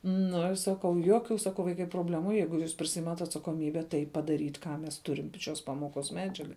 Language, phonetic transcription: Lithuanian, nu saˈkau ˈjuokiu saˈkau ˈvaikai probˈlemu ˈjeigu jūs priˈsiimat' atsakoˈmybe tai padaˈryt' ˈką mes ˈturim p šios ˈpamoˌkos ˈmedžiaga

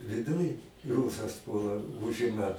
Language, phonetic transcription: Lithuanian, viˈduj ˈrūsas ˈpuola ˈužima

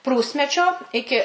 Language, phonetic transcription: Lithuanian, ˈprūsmečio ˈiki

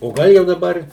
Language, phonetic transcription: Lithuanian, o ˈgal jau daˈbar

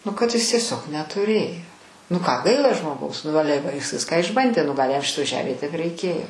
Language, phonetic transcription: Lithuanian, nu kad ˈis tieˈsiog netuˈrėjo nu ˈką ˈgaila žmoˈgaus nu ˈale va ˈjis ˈviską išˈbandė nu ˈgal' jam ˈšitoj ˈžemėj tiek raiˈkėjo

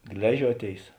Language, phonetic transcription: Lithuanian, ˈgležiuoˌtėis

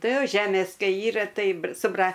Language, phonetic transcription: Lithuanian, ˈtai ˈjo ˈžemės ˈkai ˈyra ˈtai br su ˈbra

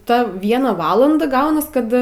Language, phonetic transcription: Lithuanian, ˈta ˈviena ˈvalanda ˈgaunas ˈkad

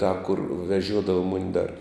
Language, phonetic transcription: Lithuanian, tą kur veˈžiuodava ˈmuni dar

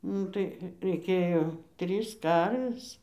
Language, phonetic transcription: Lithuanian, ˈnu tai reiˈkėjo ˈtrys ˈkarvės

